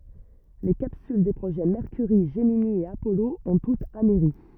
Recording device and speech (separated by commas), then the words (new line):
rigid in-ear microphone, read sentence
Les capsules des projets Mercury, Gemini et Apollo ont toutes amerri.